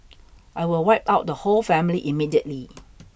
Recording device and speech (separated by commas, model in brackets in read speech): boundary microphone (BM630), read sentence